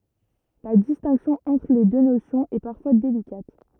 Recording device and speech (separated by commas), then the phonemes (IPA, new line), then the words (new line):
rigid in-ear microphone, read sentence
la distɛ̃ksjɔ̃ ɑ̃tʁ le dø nosjɔ̃z ɛ paʁfwa delikat
La distinction entre les deux notions est parfois délicate.